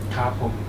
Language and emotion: Thai, neutral